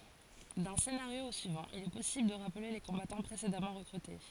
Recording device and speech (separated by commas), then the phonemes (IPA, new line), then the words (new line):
forehead accelerometer, read sentence
dœ̃ senaʁjo o syivɑ̃ il ɛ pɔsibl də ʁaple le kɔ̃batɑ̃ pʁesedamɑ̃ ʁəkʁyte
D'un scénario au suivant, il est possible de rappeler les combattants précédemment recrutés.